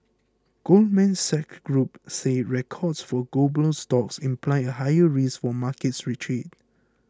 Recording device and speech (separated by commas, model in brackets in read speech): close-talking microphone (WH20), read sentence